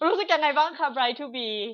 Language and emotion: Thai, happy